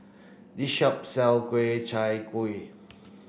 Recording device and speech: boundary microphone (BM630), read sentence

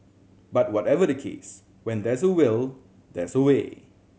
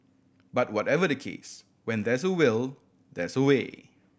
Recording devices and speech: mobile phone (Samsung C7100), boundary microphone (BM630), read sentence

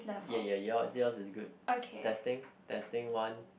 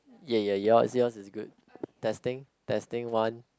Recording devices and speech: boundary microphone, close-talking microphone, conversation in the same room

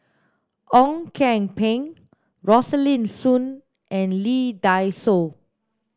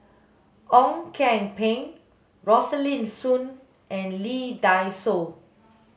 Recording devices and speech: standing microphone (AKG C214), mobile phone (Samsung S8), read sentence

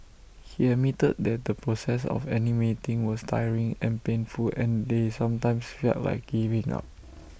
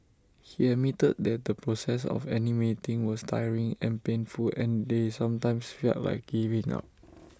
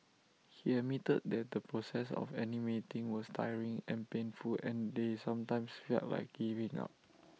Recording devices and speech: boundary microphone (BM630), standing microphone (AKG C214), mobile phone (iPhone 6), read sentence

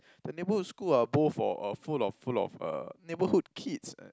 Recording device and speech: close-talking microphone, conversation in the same room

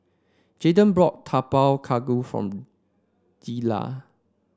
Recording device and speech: standing microphone (AKG C214), read sentence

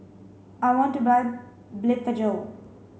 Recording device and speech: mobile phone (Samsung C5), read sentence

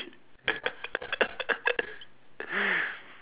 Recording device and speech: telephone, conversation in separate rooms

